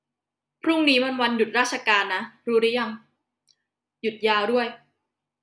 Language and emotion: Thai, frustrated